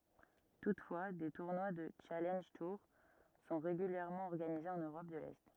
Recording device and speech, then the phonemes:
rigid in-ear microphone, read sentence
tutfwa de tuʁnwa dy ʃalɑ̃ʒ tuʁ sɔ̃ ʁeɡyljɛʁmɑ̃ ɔʁɡanize ɑ̃n øʁɔp də lɛ

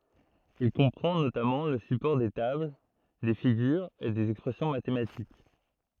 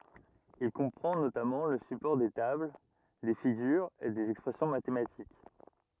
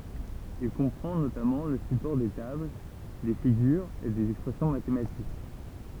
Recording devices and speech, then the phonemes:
throat microphone, rigid in-ear microphone, temple vibration pickup, read sentence
il kɔ̃pʁɑ̃ notamɑ̃ lə sypɔʁ de tabl de fiɡyʁz e dez ɛkspʁɛsjɔ̃ matematik

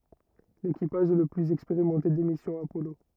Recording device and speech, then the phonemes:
rigid in-ear microphone, read sentence
lekipaʒ ɛ lə plyz ɛkspeʁimɑ̃te de misjɔ̃z apɔlo

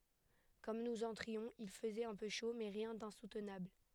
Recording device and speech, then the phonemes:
headset microphone, read sentence
kɔm nuz ɑ̃tʁiɔ̃z il fəzɛt œ̃ pø ʃo mɛ ʁjɛ̃ dɛ̃sutnabl

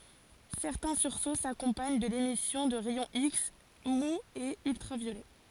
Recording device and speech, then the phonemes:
forehead accelerometer, read sentence
sɛʁtɛ̃ syʁso sakɔ̃paɲ də lemisjɔ̃ də ʁɛjɔ̃ iks muz e yltʁavjolɛ

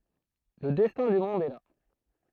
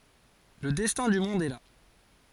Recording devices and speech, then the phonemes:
throat microphone, forehead accelerometer, read sentence
lə dɛstɛ̃ dy mɔ̃d ɛ la

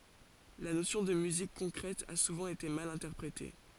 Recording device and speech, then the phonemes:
forehead accelerometer, read sentence
la nosjɔ̃ də myzik kɔ̃kʁɛt a suvɑ̃ ete mal ɛ̃tɛʁpʁete

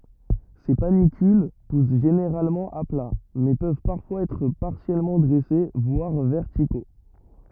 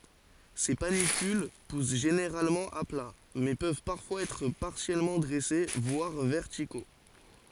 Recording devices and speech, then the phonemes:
rigid in-ear microphone, forehead accelerometer, read sentence
se panikyl pus ʒeneʁalmɑ̃ a pla mɛ pøv paʁfwaz ɛtʁ paʁsjɛlmɑ̃ dʁɛse vwaʁ vɛʁtiko

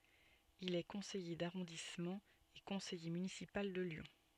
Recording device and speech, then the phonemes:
soft in-ear microphone, read sentence
il ɛ kɔ̃sɛje daʁɔ̃dismɑ̃ e kɔ̃sɛje mynisipal də ljɔ̃

